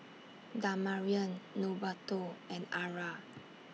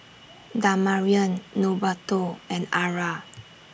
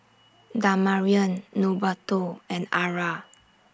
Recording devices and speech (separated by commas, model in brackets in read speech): mobile phone (iPhone 6), boundary microphone (BM630), standing microphone (AKG C214), read sentence